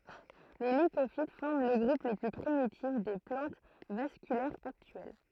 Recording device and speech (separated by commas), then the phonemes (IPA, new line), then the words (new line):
throat microphone, read sentence
le likofit fɔʁm lə ɡʁup lə ply pʁimitif de plɑ̃t vaskylɛʁz aktyɛl
Les Lycophytes forment le groupe le plus primitif des plantes vasculaires actuelles.